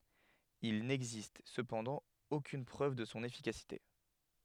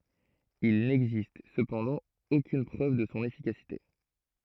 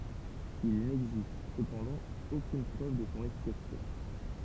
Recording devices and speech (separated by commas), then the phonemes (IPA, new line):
headset microphone, throat microphone, temple vibration pickup, read sentence
il nɛɡzist səpɑ̃dɑ̃ okyn pʁøv də sɔ̃ efikasite